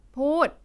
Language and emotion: Thai, angry